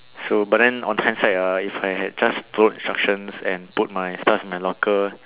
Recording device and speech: telephone, conversation in separate rooms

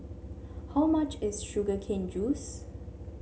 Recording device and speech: mobile phone (Samsung C7), read sentence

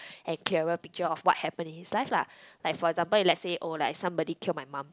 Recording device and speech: close-talking microphone, conversation in the same room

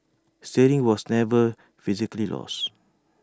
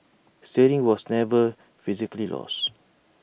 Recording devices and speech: standing microphone (AKG C214), boundary microphone (BM630), read sentence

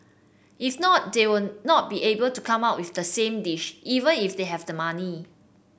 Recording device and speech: boundary microphone (BM630), read sentence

